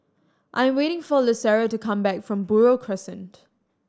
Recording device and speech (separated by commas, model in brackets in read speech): standing microphone (AKG C214), read sentence